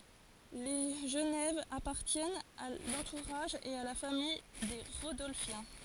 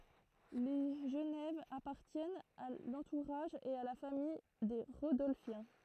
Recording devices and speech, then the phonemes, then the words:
forehead accelerometer, throat microphone, read sentence
le ʒənɛv apaʁtjɛnt a lɑ̃tuʁaʒ e a la famij de ʁodɔlfjɛ̃
Les Genève appartiennent à l'entourage et à la famille des Rodolphiens.

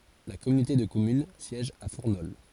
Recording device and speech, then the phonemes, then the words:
forehead accelerometer, read sentence
la kɔmynote də kɔmyn sjɛʒ a fuʁnɔl
La communauté de communes siège à Fournols.

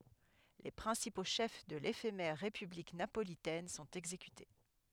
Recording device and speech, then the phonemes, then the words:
headset microphone, read sentence
le pʁɛ̃sipo ʃɛf də lefemɛʁ ʁepyblik napolitɛn sɔ̃t ɛɡzekyte
Les principaux chefs de l'éphémère république napolitaine sont exécutés.

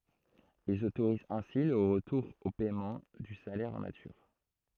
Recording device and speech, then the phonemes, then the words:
throat microphone, read sentence
ilz otoʁizt ɛ̃si lə ʁətuʁ o pɛmɑ̃ dy salɛʁ ɑ̃ natyʁ
Ils autorisent ainsi le retour au paiement du salaire en nature.

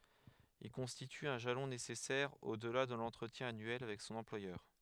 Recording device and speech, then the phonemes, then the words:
headset microphone, read sentence
il kɔ̃stity œ̃ ʒalɔ̃ nesɛsɛʁ odla də lɑ̃tʁətjɛ̃ anyɛl avɛk sɔ̃n ɑ̃plwajœʁ
Il constitue un jalon nécessaire au-delà de l'entretien annuel avec son employeur.

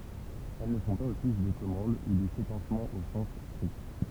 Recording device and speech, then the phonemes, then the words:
temple vibration pickup, read sentence
ɛl nə fɔ̃ paz ɔfis də kɔmɑ̃d u də sekɑ̃smɑ̃ o sɑ̃s stʁikt
Elles ne font pas office de commande ou de séquencement au sens strict.

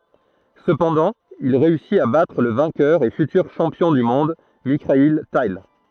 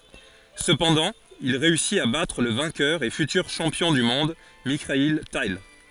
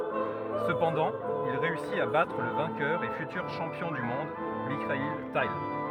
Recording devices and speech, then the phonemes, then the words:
throat microphone, forehead accelerometer, rigid in-ear microphone, read sentence
səpɑ̃dɑ̃ il ʁeysit a batʁ lə vɛ̃kœʁ e fytyʁ ʃɑ̃pjɔ̃ dy mɔ̃d mikail tal
Cependant, il réussit à battre le vainqueur et futur champion du monde Mikhaïl Tal.

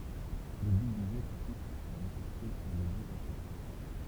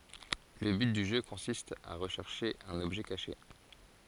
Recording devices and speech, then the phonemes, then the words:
temple vibration pickup, forehead accelerometer, read sentence
lə byt dy ʒø kɔ̃sist a ʁəʃɛʁʃe œ̃n ɔbʒɛ kaʃe
Le but du jeu consiste à rechercher un objet caché.

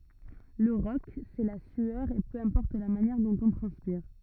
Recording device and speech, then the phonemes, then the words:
rigid in-ear microphone, read sentence
lə ʁɔk sɛ la syœʁ e pø ɛ̃pɔʁt la manjɛʁ dɔ̃t ɔ̃ tʁɑ̃spiʁ
Le rock, c'est la sueur et peu importe la manière dont on transpire.

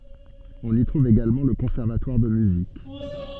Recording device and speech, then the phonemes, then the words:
soft in-ear microphone, read sentence
ɔ̃n i tʁuv eɡalmɑ̃ lə kɔ̃sɛʁvatwaʁ də myzik
On y trouve également le conservatoire de musique.

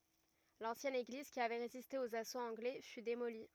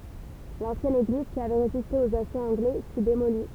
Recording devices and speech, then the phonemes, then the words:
rigid in-ear microphone, temple vibration pickup, read sentence
lɑ̃sjɛn eɡliz ki avɛ ʁeziste oz asoz ɑ̃ɡlɛ fy demoli
L'ancienne église, qui avait résisté aux assauts anglais, fut démolie.

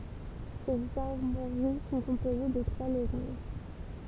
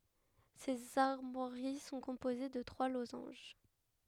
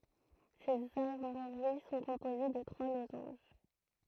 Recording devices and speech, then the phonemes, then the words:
temple vibration pickup, headset microphone, throat microphone, read sentence
sez aʁmwaʁi sɔ̃ kɔ̃poze də tʁwa lozɑ̃ʒ
Ses armoiries sont composées de trois losanges.

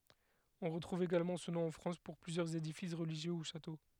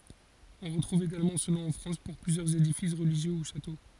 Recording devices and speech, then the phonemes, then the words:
headset microphone, forehead accelerometer, read sentence
ɔ̃ ʁətʁuv eɡalmɑ̃ sə nɔ̃ ɑ̃ fʁɑ̃s puʁ plyzjœʁz edifis ʁəliʒjø u ʃato
On retrouve également ce nom en France pour plusieurs édifices religieux ou châteaux.

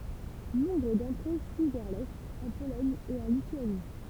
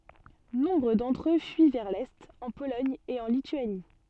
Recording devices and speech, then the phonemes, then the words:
temple vibration pickup, soft in-ear microphone, read sentence
nɔ̃bʁ dɑ̃tʁ ø fyi vɛʁ lɛt ɑ̃ polɔɲ e ɑ̃ lityani
Nombre d'entre eux fuient vers l’est, en Pologne et en Lituanie.

